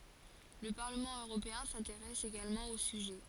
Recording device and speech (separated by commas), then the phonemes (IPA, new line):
forehead accelerometer, read sentence
lə paʁləmɑ̃ øʁopeɛ̃ sɛ̃teʁɛs eɡalmɑ̃ o syʒɛ